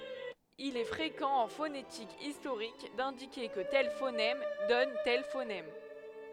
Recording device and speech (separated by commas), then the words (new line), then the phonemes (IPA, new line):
headset microphone, read sentence
Il est fréquent en phonétique historique d'indiquer que tel phonème donne tel phonème.
il ɛ fʁekɑ̃ ɑ̃ fonetik istoʁik dɛ̃dike kə tɛl fonɛm dɔn tɛl fonɛm